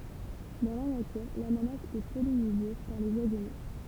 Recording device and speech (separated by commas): temple vibration pickup, read sentence